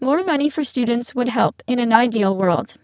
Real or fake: fake